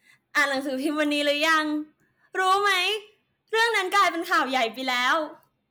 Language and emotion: Thai, happy